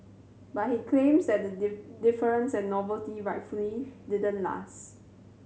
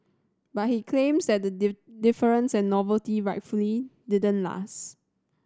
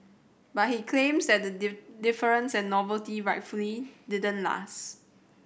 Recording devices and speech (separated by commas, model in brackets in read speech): mobile phone (Samsung C7100), standing microphone (AKG C214), boundary microphone (BM630), read sentence